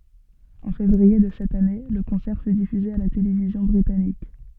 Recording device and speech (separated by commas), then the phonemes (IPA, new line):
soft in-ear microphone, read sentence
ɑ̃ fevʁie də sɛt ane lə kɔ̃sɛʁ fy difyze a la televizjɔ̃ bʁitanik